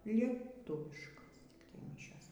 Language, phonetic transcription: Lithuanian, lieˈtuviškos tik tai ˈmišios

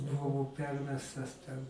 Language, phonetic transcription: Lithuanian, buˈvau ˈpermestas ten

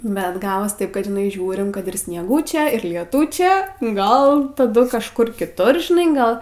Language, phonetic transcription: Lithuanian, bet ˈgavos ˈtaip ˈkad žiˈnai ˈžiūrim ˈkad ir snieˈgučia ir lieˈtučia ˈgal taˈdu kažˈkur kiˈtur žiˈnai ˈgal

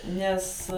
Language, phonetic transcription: Lithuanian, ˈnes

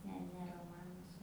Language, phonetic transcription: Lithuanian, ˈne ˈne roˈmanus

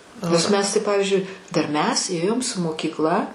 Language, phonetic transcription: Lithuanian, nes ˈmes tai ˈpavizdžiui dar ˈmes ˈėjom su mokykˈla

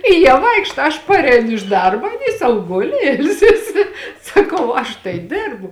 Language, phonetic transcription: Lithuanian, i ˈjie ˈvaikšta aš ˈpareinu iš ˈdarba aˈny sau ˈguli ˈilsisi saˈkau ˈaš tai ˈdirbu

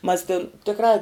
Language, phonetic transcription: Lithuanian, mas tin ˈtikrā

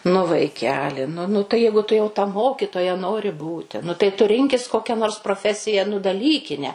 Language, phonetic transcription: Lithuanian, nu vaiˈkeli nu ˈnu tai ˈjeigu tu jau ta ˈmokitoja ˈnori ˈbūti nu tai ˈtu ˈrinkis ˈkokia nors proˈfesija nu daˈlykine

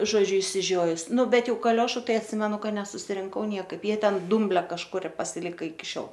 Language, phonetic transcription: Lithuanian, žoˈdžiu išsiˈžiojus ˈnu ˈbet ˈjau kaˈliošu ˈtai atˈsimenu ˈka nesusirinˈkau ˈniekaip ˈjie ˈten ˈdumble kažˈkur ir pasiˈlika iki ˈšiol

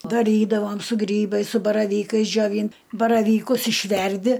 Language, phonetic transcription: Lithuanian, daˈrydavom su ˈgrybais su baraˈvykais džioˈvyn baravyˈkus išˈverdi

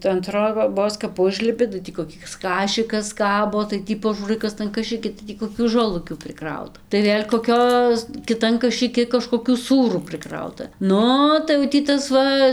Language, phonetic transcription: Lithuanian, tai an troˈbos kap ˈužlipi tai tį koˈkis ˈkašikas ˈkabo tai ˈtį paˈžūrai ˈkas tan kašɨˈki tai ˈtį koˈkių žoˈlukių priˈkrauta tai ˈvėl' koˈkios kiˈtan kašɨˈki kažkoˈkių ˈsūrų prɨˈkrauta ˈnu tai jau tį ˈtas ˈva

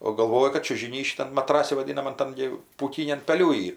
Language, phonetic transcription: Lithuanian, o galˈvoja kad čiužiˈny šiˈtam maˈtrasi vaˈdynaman ˈtam gi pūˈkiniam paˈlių ˈyr

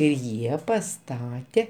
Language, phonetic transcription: Lithuanian, i ˈjie paˈstate

